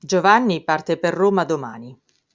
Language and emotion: Italian, neutral